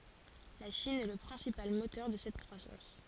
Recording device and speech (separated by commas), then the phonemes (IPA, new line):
forehead accelerometer, read sentence
la ʃin ɛ lə pʁɛ̃sipal motœʁ də sɛt kʁwasɑ̃s